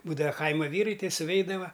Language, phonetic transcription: Lithuanian, ˈbūdava ˈkaima ˈvyrai ˈtei suˈveidava

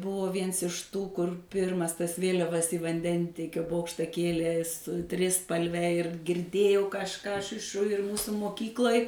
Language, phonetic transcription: Lithuanian, ˈbuvo ˈviens iš ˈtų kur ˈpirmas tas ˈvėliavas į vanˈdentiekio ˈbokšta ˈkėlė su ˈtrispalve ir girˈdėjau kažˈką ˈaš iš šu ir ˈmūsu moˈkyklai

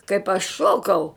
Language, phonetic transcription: Lithuanian, kaip aš ˈšokau

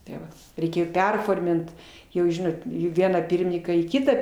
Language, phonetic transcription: Lithuanian, tė ˈva reiˈkėjo ˈperformint ˈjau ˈžinot ˈvieną ˈpyrmininką į ˈkitą

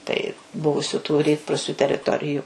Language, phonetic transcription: Lithuanian, tai ˈbuvusiu tu ˈrytprūsiu teriˈtoriju

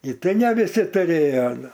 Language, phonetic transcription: Lithuanian, i ˈtai ne viˈsi tuˈrėjo aˈle

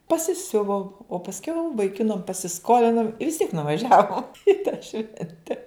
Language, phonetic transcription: Lithuanian, pasiˈsiuvom o pasˈkiau vaiˈkinam pasiˈskolinom i vis tiek nuvaˈžiavom i tą ˈšvente

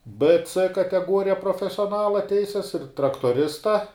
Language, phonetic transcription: Lithuanian, b c kateˈguorija profesioˈnala ˈteises ir traktuoˈrista

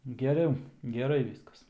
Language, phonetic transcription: Lithuanian, geˈriau geˈrai ˈvyskas

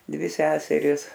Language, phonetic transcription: Lithuanian, ˈdvi ˈseseris

